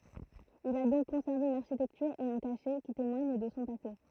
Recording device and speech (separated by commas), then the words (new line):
throat microphone, read sentence
Il a donc conservé une architecture et un cachet qui témoigne de son passé.